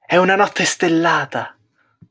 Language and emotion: Italian, happy